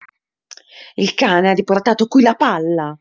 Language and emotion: Italian, angry